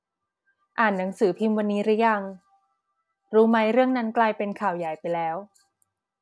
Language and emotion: Thai, neutral